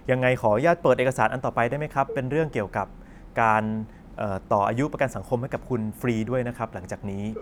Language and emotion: Thai, neutral